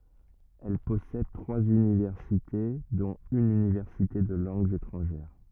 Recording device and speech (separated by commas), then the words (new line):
rigid in-ear microphone, read sentence
Elle possède trois universités, dont une université de langues étrangères.